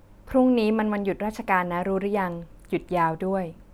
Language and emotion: Thai, neutral